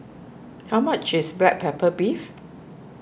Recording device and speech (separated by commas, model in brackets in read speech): boundary microphone (BM630), read sentence